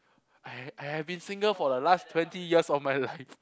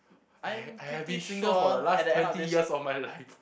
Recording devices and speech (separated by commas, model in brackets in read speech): close-talking microphone, boundary microphone, conversation in the same room